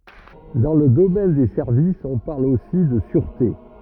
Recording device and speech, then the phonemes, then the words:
rigid in-ear microphone, read sentence
dɑ̃ lə domɛn de sɛʁvisz ɔ̃ paʁl osi də syʁte
Dans le domaine des services, on parle aussi de sûreté.

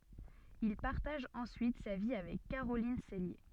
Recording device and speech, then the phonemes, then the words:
soft in-ear microphone, read sentence
il paʁtaʒ ɑ̃syit sa vi avɛk kaʁolin sɛlje
Il partage ensuite sa vie avec Caroline Cellier.

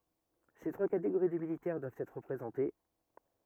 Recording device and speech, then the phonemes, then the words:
rigid in-ear microphone, read sentence
se tʁwa kateɡoʁi də militɛʁ dwavt ɛtʁ ʁəpʁezɑ̃te
Ces trois catégories de militaires doivent être représentées.

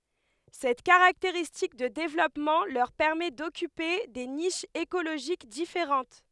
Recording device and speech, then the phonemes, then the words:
headset microphone, read sentence
sɛt kaʁakteʁistik də devlɔpmɑ̃ lœʁ pɛʁmɛ dɔkype de niʃz ekoloʒik difeʁɑ̃t
Cette caractéristique de développement leur permet d'occuper des niches écologiques différentes.

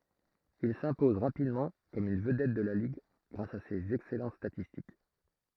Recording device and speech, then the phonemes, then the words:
throat microphone, read sentence
il sɛ̃pɔz ʁapidmɑ̃ kɔm yn vədɛt də la liɡ ɡʁas a sez ɛksɛlɑ̃t statistik
Il s'impose rapidement comme une vedette de la ligue grâce à ses excellentes statistiques.

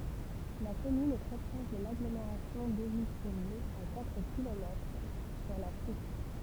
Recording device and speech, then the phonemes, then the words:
temple vibration pickup, read sentence
la kɔmyn ɛ tʁɛ pʁɔʃ də laɡlomeʁasjɔ̃ dovil tʁuvil a katʁ kilomɛtʁ syʁ la tuk
La commune est très proche de l'agglomération Deauville-Trouville, à quatre kilomètres, sur la Touques.

